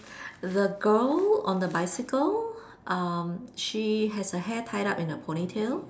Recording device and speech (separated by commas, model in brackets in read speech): standing microphone, conversation in separate rooms